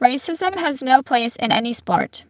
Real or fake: fake